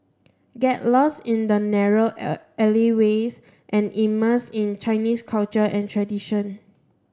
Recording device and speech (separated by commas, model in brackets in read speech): standing microphone (AKG C214), read sentence